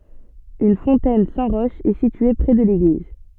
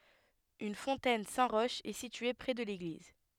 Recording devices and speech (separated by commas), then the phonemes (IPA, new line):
soft in-ear microphone, headset microphone, read sentence
yn fɔ̃tɛn sɛ̃ ʁɔʃ ɛ sitye pʁɛ də leɡliz